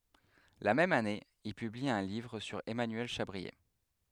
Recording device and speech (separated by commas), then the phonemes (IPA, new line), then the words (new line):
headset microphone, read sentence
la mɛm ane il pybli œ̃ livʁ syʁ ɛmanyɛl ʃabʁie
La même année, il publie un livre sur Emmanuel Chabrier.